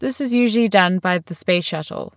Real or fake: real